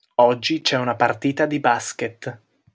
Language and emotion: Italian, neutral